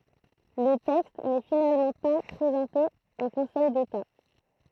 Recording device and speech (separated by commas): throat microphone, read sentence